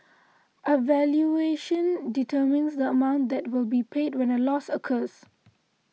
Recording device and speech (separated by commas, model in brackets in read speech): mobile phone (iPhone 6), read sentence